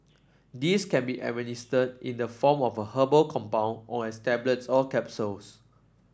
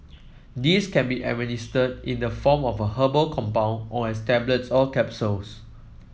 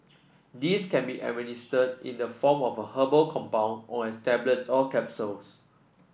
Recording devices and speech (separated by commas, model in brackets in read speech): standing microphone (AKG C214), mobile phone (iPhone 7), boundary microphone (BM630), read sentence